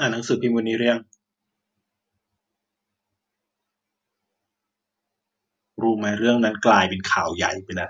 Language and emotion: Thai, frustrated